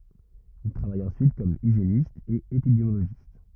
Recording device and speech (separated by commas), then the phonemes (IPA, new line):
rigid in-ear microphone, read sentence
il tʁavaj ɑ̃syit kɔm iʒjenist e epidemjoloʒist